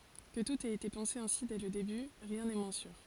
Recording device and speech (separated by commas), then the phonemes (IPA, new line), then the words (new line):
forehead accelerometer, read sentence
kə tut ɛt ete pɑ̃se ɛ̃si dɛ lə deby ʁjɛ̃ nɛ mwɛ̃ syʁ
Que tout ait été pensé ainsi dès le début, rien n'est moins sûr.